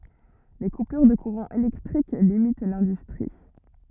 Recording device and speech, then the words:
rigid in-ear microphone, read sentence
Les coupures de courant électrique limitent l'industrie.

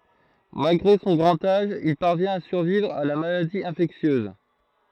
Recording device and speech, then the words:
throat microphone, read sentence
Malgré son grand âge, il parvient à survivre à la maladie infectieuse.

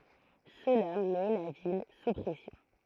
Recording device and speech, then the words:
throat microphone, read sentence
Cela met la ville sous pression.

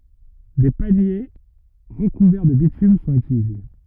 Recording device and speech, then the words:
rigid in-ear microphone, read sentence
Des paniers recouverts de bitume sont utilisés.

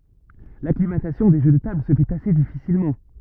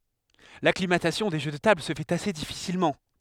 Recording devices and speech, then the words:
rigid in-ear microphone, headset microphone, read sentence
L'acclimatation des jeux de tables se fait assez difficilement.

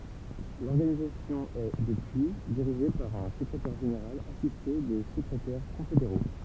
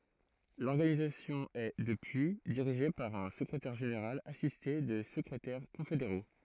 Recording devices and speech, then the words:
temple vibration pickup, throat microphone, read sentence
L'organisation est, depuis, dirigée par un secrétaire général assisté de secrétaires confédéraux.

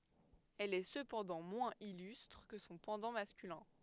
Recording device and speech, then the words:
headset microphone, read sentence
Elle est cependant moins illustre que son pendant masculin.

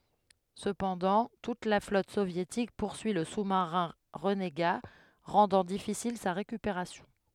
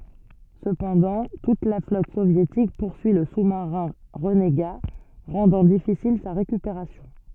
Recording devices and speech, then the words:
headset microphone, soft in-ear microphone, read sentence
Cependant, toute la flotte soviétique poursuit le sous-marin renégat, rendant difficile sa récupération.

